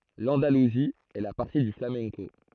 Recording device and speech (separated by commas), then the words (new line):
throat microphone, read sentence
L'Andalousie est la patrie du flamenco.